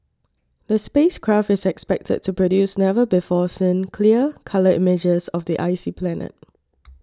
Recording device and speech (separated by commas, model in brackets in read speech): standing microphone (AKG C214), read sentence